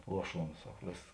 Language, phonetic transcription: Lithuanian, ˈluoˌšuons ˈsak ˈvės

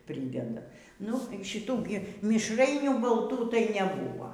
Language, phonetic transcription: Lithuanian, ˈprydeda ˈnu ˈšitų ˈgi mišˈrainių balˈtų tai neˈbūva

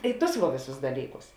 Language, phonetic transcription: Lithuanian, ˈi ˌtus va ˈvėˌsus ˈdalyˌkus

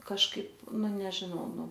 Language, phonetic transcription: Lithuanian, kažˈkaip ˈnu nežiˈnau ˈnu

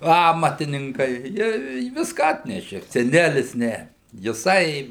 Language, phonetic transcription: Lithuanian, ˈamatininkai ˈjie i ˈviską ˈatnešė seˈnælis ˈne jiˈsai

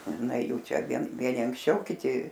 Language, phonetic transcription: Lithuanian, ˈna ˈjų ˈčia ˈvien ˈvieni anksˈčiau kiˈti

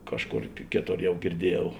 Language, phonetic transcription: Lithuanian, ˈkažˌkor ˈkėˌtor ˈjau girˈdieˌjau

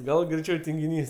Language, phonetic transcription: Lithuanian, ˈgal greiˈčiau tingiˈnys

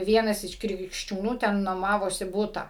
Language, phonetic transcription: Lithuanian, ˈvienas iš krikščiūˈnų ˈten nuoˈmavosi ˈbūta

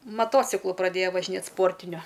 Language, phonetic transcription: Lithuanian, maˈtociklu praˈdėja važiˈnėt ˈsportiniu

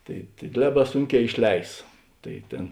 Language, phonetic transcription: Lithuanian, ˈtai tai ˈliaˌbā ˈsunˌkē išˈleis ˈtai ˈtėn

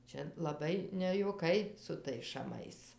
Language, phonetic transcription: Lithuanian, ˈčia laˈbai nejuoˈkai su ˈtais šaˈmais

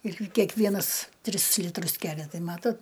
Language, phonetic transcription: Lithuanian, ir kekˈvienas ˈtris ˈlitrus ˈkelia ˈtai ˈmatot

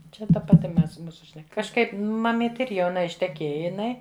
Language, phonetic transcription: Lithuanian, čia ta paˈti ˈmes ˈmūsu šneˈka kažˈkaip maˈmyti ir jauˈna išteˈkėja jiˈnai

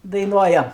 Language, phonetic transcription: Lithuanian, daiˈnuojam

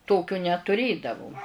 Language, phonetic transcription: Lithuanian, ˈtokio netuˈrėdavo

